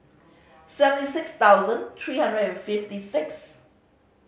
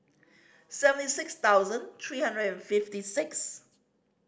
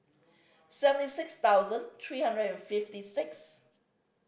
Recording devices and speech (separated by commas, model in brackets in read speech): mobile phone (Samsung C5010), standing microphone (AKG C214), boundary microphone (BM630), read sentence